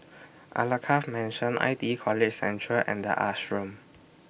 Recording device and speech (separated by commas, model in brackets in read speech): boundary microphone (BM630), read sentence